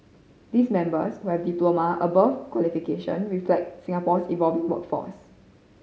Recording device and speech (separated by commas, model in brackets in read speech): mobile phone (Samsung C5010), read sentence